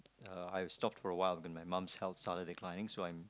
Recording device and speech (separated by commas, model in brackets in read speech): close-talking microphone, conversation in the same room